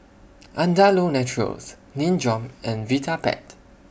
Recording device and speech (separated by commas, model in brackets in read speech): boundary microphone (BM630), read sentence